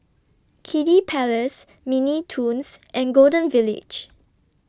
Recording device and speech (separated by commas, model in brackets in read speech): standing microphone (AKG C214), read sentence